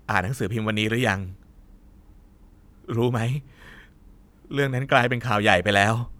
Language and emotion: Thai, sad